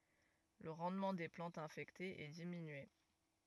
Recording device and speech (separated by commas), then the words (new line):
rigid in-ear microphone, read sentence
Le rendement des plantes infectées est diminué.